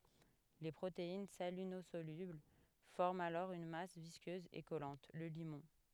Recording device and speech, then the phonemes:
headset microphone, read sentence
le pʁotein salinozolybl fɔʁmt alɔʁ yn mas viskøz e kɔlɑ̃t lə limɔ̃

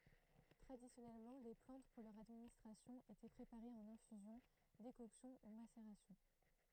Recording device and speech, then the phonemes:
throat microphone, read sentence
tʁadisjɔnɛlmɑ̃ le plɑ̃t puʁ lœʁ administʁasjɔ̃ etɛ pʁepaʁez ɑ̃n ɛ̃fyzjɔ̃ dekɔksjɔ̃ u maseʁasjɔ̃

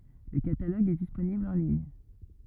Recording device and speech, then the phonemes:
rigid in-ear microphone, read sentence
lə kataloɡ ɛ disponibl ɑ̃ liɲ

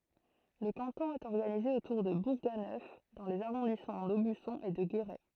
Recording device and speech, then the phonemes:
throat microphone, read sentence
lə kɑ̃tɔ̃ ɛt ɔʁɡanize otuʁ də buʁɡanœf dɑ̃ lez aʁɔ̃dismɑ̃ dobysɔ̃ e də ɡeʁɛ

